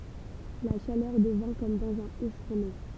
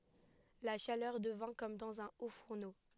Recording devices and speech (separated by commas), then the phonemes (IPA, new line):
temple vibration pickup, headset microphone, read sentence
la ʃalœʁ dəvɛ̃ kɔm dɑ̃z œ̃ otfuʁno